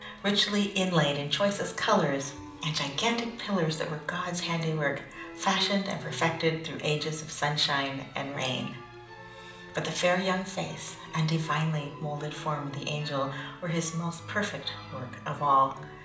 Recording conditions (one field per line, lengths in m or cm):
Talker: one person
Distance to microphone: 2.0 m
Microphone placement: close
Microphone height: 99 cm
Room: medium-sized (5.7 m by 4.0 m)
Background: music